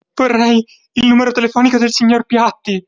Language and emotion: Italian, fearful